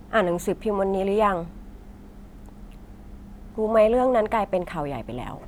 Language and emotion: Thai, frustrated